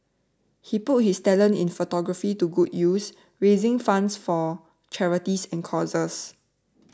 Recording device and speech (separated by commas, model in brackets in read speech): standing microphone (AKG C214), read sentence